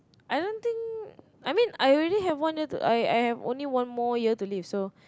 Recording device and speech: close-talking microphone, conversation in the same room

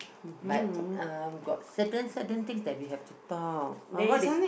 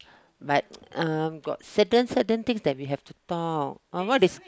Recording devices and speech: boundary microphone, close-talking microphone, conversation in the same room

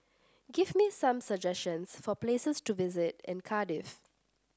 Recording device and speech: standing microphone (AKG C214), read sentence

